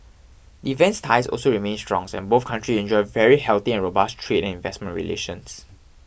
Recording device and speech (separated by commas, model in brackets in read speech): boundary microphone (BM630), read sentence